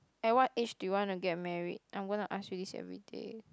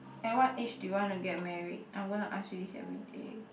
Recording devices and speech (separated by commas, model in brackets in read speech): close-talking microphone, boundary microphone, conversation in the same room